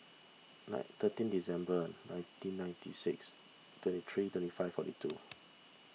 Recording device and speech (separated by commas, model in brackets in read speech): mobile phone (iPhone 6), read sentence